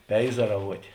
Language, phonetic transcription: Lithuanian, ˈpeizaravuotė

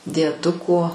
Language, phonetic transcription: Lithuanian, dieˈduko

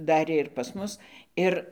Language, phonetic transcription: Lithuanian, ˈdarė ir pas ˈmus ˈir

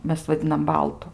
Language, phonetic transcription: Lithuanian, ˈmes vaˈdinam ˈbaltu

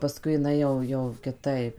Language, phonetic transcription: Lithuanian, paˈskui iˈnai jau jau kiˈtaip

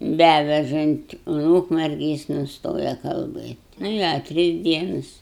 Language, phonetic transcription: Lithuanian, ˈbævežan't' un ˈūkmergi ˈjis nuˈstoja kalˈbɘt' ˈnu i a ˈtris ˈdienas

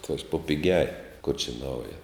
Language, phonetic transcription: Lithuanian, ˈatvež po piˈgiaj kur čia ˈnauja

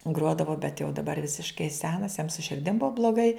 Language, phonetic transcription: Lithuanian, ˈgruodavo bet jau daˈbar ˈvisiškai ˈsenas jam su širˈdim ˈbua bloˈgai

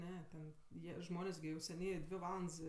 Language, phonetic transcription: Lithuanian, ˈne ten ˈjie ˈžmonės gi užseˈny ˈdvi ˈvalands

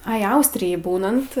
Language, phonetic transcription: Lithuanian, ˈai ˈaustrijaj ˈbūnant

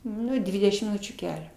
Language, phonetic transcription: Lithuanian, ˈnu ˈdvidešim miˈnučių ˈkelio

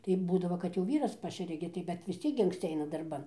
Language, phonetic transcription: Lithuanian, tai ˈbūdavo kad jau ˈvyras ˈpašeria gi tai bet vis ˈciek gi anksˈci ˈaina darˈban

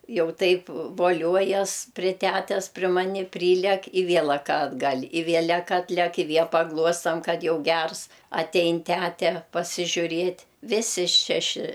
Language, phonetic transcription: Lithuanian, ˈjau ˈtaip voˈliuojas pri ˈtætes pri ˈmani ˈprylæk i ˈvielak atˈgal' i ˈvielek ˈatlæk i ˈviel paˈgluostam ˈkad ˈjau ˈgers aˈtein ˈtæte pasižiuˈrėt' ˈvisi ˈšeši

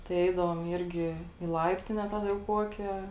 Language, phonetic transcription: Lithuanian, tai ˈeidavom ˈirgi į ˈlaiptine ˈtaˌda jau ˈkuokė

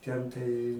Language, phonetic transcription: Lithuanian, ˈten tai

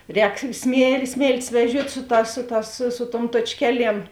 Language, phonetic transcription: Lithuanian, ˈrēk smie ˈsmėltis veˈžiuot' ˈsu ˌtās ˈsu ˌtās su su tuom tuočˈkeˌliem

